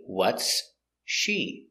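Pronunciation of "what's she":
'What's' and 'she' are said separately here, not linked together.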